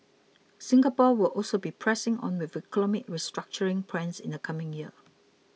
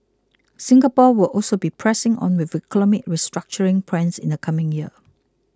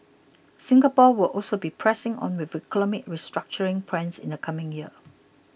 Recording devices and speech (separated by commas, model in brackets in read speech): mobile phone (iPhone 6), close-talking microphone (WH20), boundary microphone (BM630), read sentence